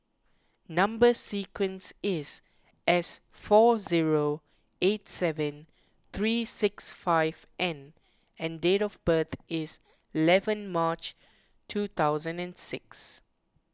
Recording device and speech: close-talking microphone (WH20), read sentence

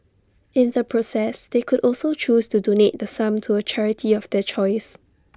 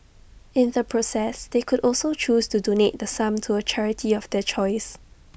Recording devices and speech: standing microphone (AKG C214), boundary microphone (BM630), read sentence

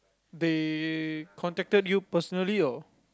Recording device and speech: close-talking microphone, conversation in the same room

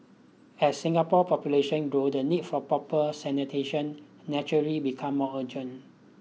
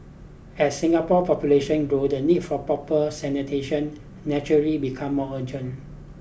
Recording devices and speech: mobile phone (iPhone 6), boundary microphone (BM630), read sentence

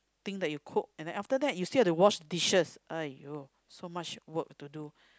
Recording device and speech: close-talking microphone, conversation in the same room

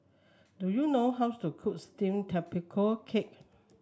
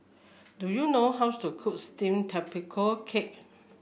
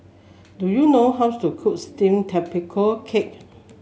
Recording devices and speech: standing microphone (AKG C214), boundary microphone (BM630), mobile phone (Samsung S8), read sentence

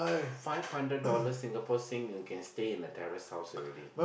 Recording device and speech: boundary microphone, conversation in the same room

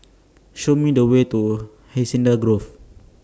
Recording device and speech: standing microphone (AKG C214), read sentence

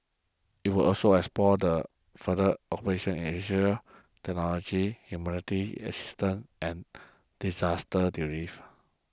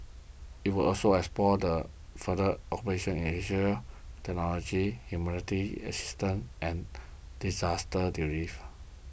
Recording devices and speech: close-talking microphone (WH20), boundary microphone (BM630), read sentence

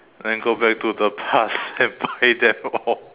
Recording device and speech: telephone, conversation in separate rooms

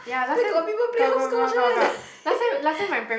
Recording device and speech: boundary microphone, conversation in the same room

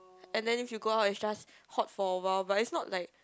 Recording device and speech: close-talking microphone, conversation in the same room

